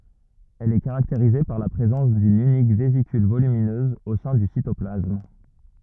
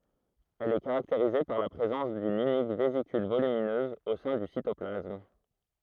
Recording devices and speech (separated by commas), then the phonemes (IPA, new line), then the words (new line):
rigid in-ear microphone, throat microphone, read sentence
ɛl ɛ kaʁakteʁize paʁ la pʁezɑ̃s dyn ynik vezikyl volyminøz o sɛ̃ dy sitɔplasm
Elle est caractérisée par la présence d'une unique vésicule volumineuse au sein du cytoplasme.